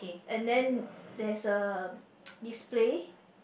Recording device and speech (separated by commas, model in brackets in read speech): boundary microphone, conversation in the same room